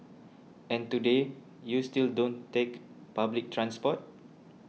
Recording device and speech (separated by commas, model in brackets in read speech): mobile phone (iPhone 6), read sentence